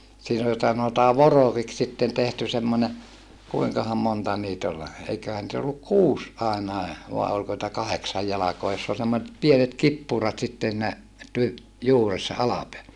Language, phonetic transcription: Finnish, siin ‿ol sanotaa vorokiks sitten tehty semmońe , kuiŋkaham monta niit ‿ol , eiköhän nⁱt ‿olluk kuus àenae , vàe olko nitä kaheksaj jalakoa joss ‿ol semmoset pienet kippùrat sitten siinä , ty- , juuressa alapeä - .
- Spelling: siinä oli sanotaan vorokiksi sitten tehty semmoinen kuinkahan monta niitä oli eiköhän niitä ollut kuusi ainakin vai oliko niitä kahdeksan jalkaa jossa oli semmoiset pienet kippurat sitten siinä - juuressa -

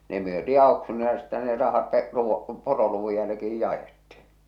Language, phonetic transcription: Finnish, ne myötii 'ao̭ksuunilla ja sittehä ne 'rahat (te’ ruu-) , 'poroluvuj jälki₍ij 'ja₍etti .
- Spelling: ne myytiin auksuunilla ja sittenhän ne rahat te - poroluvun jälkeen jaettiin

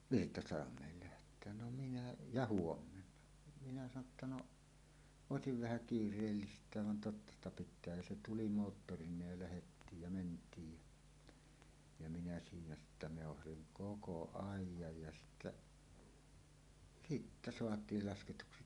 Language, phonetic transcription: Finnish, » "Virtasalam̀eel 'läht̀eän « no minä , ja » "huommenna « minä sano ‿tta » 'no , "òesiv 'vähä "kiir̆reellist̀ääv van 'totta ‿sta 'pit̆tää « ja "se "tuli ' moottoriǹeej ja lähettiij ja 'ment̀iij ja , ja minä siinä sittä 'mèohasiŋ "koko "àij̆jaj ja sittä , "sittä 'soat̀iil 'lasketuksi .
- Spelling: Virtasalmelle lähteä no minä ja huomenna minä sanoin jotta no olisi vähän kiireellistäkin vaan totta sitä pitää ja se tuli - moottoreineen ja lähettiin ja mentiin ja ja minä siinä sitten meuhasin koko ajan ja sitten sitten saatiin lasketuksi

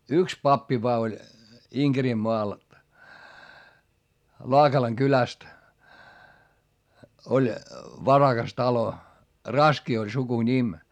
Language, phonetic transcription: Finnish, yks pappi voa oĺ , IŋGerimmoal , Laakalaŋ kyläst , oĺ , varaGas talo , Raski oĺ sukuńim .
- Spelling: yksi pappi vain oli Inkerinmaalla Laakalan kylästä oli varakas talo Raski oli sukunimi

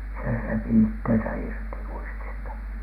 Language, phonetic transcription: Finnish, se repi "ittensä "irti , 'uistista .
- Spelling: se repi itsensä irti uistista

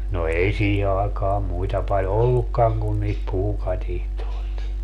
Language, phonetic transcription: Finnish, no 'ei 'siihe aakaam 'muita paĺ "ollukkaŋ kun niit "puukatihtoi̮t .
- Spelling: no ei siihen aikaan muita paljon ollutkaan kuin niitä puukatitsoja

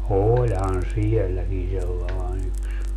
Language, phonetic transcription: Finnish, "ooĺhan "siɛlläkin 'sellàen ‿yks .
- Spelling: olihan sielläkin sellainen yksi

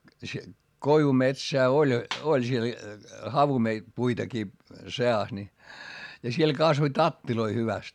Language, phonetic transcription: Finnish, se , koivumetsää oĺ , oĺ siel , havume- , puitakii se₍as ni , ja siel kasvoⁱ tattiloi hyväst .
- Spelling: se koivumetsää oli oli siellä - puitakin seassa niin ja siellä kasvoi tatteja hyvästi

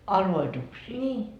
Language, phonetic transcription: Finnish, "arvoituksii ?
- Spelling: arvoituksia

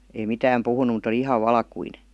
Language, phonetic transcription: Finnish, ei "mitääm 'puhunu mut ‿oli "ihav 'valkuine .
- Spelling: ei mitään puhunut mutta oli ihan valkoinen

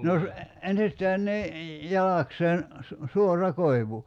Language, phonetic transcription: Finnish, no , 'ensistään ni , 'jalakseen , su- , "suor̀a 'koivu .
- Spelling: no ensistään niin jalakseen - suora koivu

